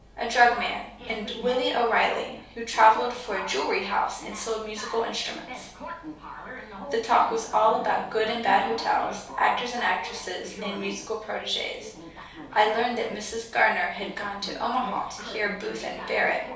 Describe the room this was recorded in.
A small space (about 3.7 m by 2.7 m).